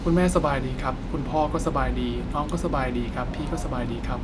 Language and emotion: Thai, neutral